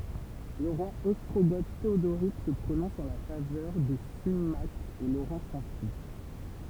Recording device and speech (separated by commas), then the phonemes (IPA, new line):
temple vibration pickup, read sentence
lə ʁwa ɔstʁoɡo teodoʁik sə pʁonɔ̃s ɑ̃ la favœʁ də simak e loʁɑ̃ sɑ̃fyi